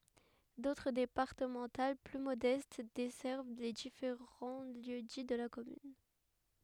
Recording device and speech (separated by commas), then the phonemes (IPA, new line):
headset microphone, read sentence
dotʁ depaʁtəmɑ̃tal ply modɛst dɛsɛʁv le difeʁɑ̃ ljø di də la kɔmyn